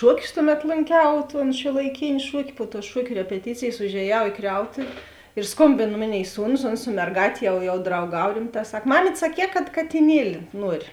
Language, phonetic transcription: Lithuanian, ˈšuoˌkius ˈtuˌmet lonˈkiau ton šiuolaiˈkėni ˈšuoki pu tų ˈšuokiu repeˈtycėjės užėˈjau į ˈkriautuvi ir ˈskombėn ˈmoˌnėi ˈsūnus ˈons su merˈgātė jau jau drauˈgav ˈrimˌtā ˈsak ˈmamyt' saˈkē kad katiˈnieli ˈnuori

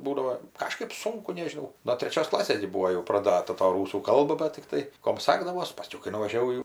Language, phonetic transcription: Lithuanian, ˈbūdavo ˈkažkɜp ˈsunku nežiˈnau no treˈčios ˈklasės gi ˈbūo jau praˈdata ta ˈrūsų ˈkalba bat tikˈtai ˈkom ˈsagdavos paˈskiau kai nuvažiaˈvau jau

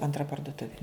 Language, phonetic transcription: Lithuanian, antˈra parduˈtuvi

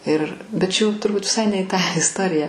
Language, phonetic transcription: Lithuanian, ir bet čia jau turˈbut viˈsai ne i tą isˈtorija

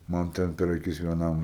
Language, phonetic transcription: Lithuanian, ˈman ˈten per aˈkis vieˈnam

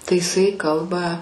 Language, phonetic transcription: Lithuanian, tai iˈsai ˈkalba

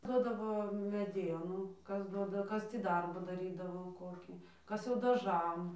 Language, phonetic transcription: Lithuanian, ˈdodavo meˈdienų ˈkas ˈduoda ˈkas ˈtį ˈdarbų daˈrydavo ˈkokį ˈkas jau daˈžam

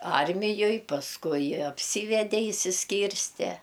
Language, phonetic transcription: Lithuanian, ˈarmijoj pasˈkui apˈsyvede išsisˈkyrste

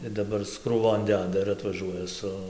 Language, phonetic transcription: Lithuanian, ir daˈbar is krūˈvon ˈdeda ir atvaˈžuoja ˈsu

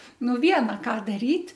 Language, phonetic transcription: Lithuanian, ˈnu ˈviena ˈką daˈryt'

